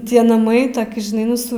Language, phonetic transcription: Lithuanian, ˈtie naˈmai ˈtoki žiˈnai ˈnu su

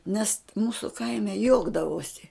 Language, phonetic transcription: Lithuanian, nes ˈmūsu ˈkaime ˈjuokdavosi

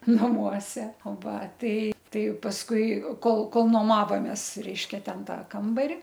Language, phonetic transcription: Lithuanian, naˈmuose o ˈva ˈtai ˈtai pasˈkui ˈkol ˈkol noˈmavomės ˈreiškia ˈten ˈtą ˈkambari

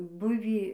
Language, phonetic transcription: Lithuanian, ˈbuvį

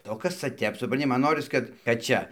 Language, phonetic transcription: Lithuanian, o ˈkas ca ˈtep supranˈti ˈman ˈnoris kad kad ˈčia

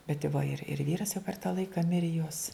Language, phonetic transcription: Lithuanian, bet i va ir ir ˈvyras jau per tą ˈlaika ˈmiri jos

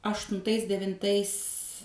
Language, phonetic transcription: Lithuanian, aštunˈtais devinˈtais

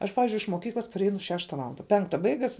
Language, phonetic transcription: Lithuanian, ˈaš ˈpavizdžiui iš moˈkyklas parˈeinu ˈšešta ˈvalanda ˈpenkta ˈbaigas

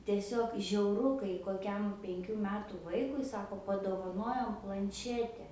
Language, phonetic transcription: Lithuanian, tieˈsiog žiauˈru kai koˈkiam penˈkių ˈmetų ˈvaikui ˈsako padovaˈnojom planˈšete

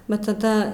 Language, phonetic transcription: Lithuanian, va taˈda

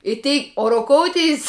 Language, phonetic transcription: Lithuanian, i ˈtei o roˈkouˌteis

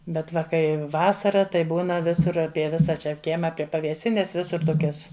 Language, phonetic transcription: Lithuanian, ˈbet ˈva ˈkai ˈvasara tai ˈbūna ˈvisur ˈapie ˈvisa čia ˈkiema ˈapie pavėˈsines ˈvisur ˈtokias

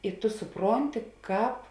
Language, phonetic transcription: Lithuanian, i ˈtu suˈpronti ˈkāp

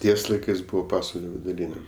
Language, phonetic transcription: Lithuanian, ˈties laiˈkɜs ˈbuvo ˈpasvalio viduˈryne

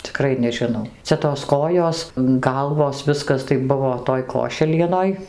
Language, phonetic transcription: Lithuanian, ciˈkrai nežiˈnau ˈcia tos ˈkojos ˈgalvos ˈviskas tai ˈbuvo ˈtoj ˈkošelienoj

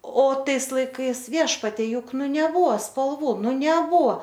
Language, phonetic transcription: Lithuanian, o ˈtais laiˈkais ˈviešpatie ˈjuk ˈnu neˈbuvo spalˈvų ˈnu neˈbuvo

